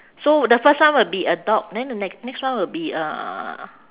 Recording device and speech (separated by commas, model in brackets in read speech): telephone, conversation in separate rooms